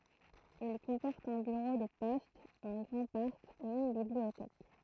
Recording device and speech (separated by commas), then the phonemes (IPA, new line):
throat microphone, read sentence
il kɔ̃pɔʁt œ̃ byʁo də pɔst œ̃ ɡʁɑ̃ paʁk e yn bibliotɛk